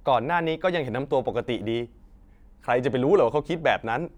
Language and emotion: Thai, frustrated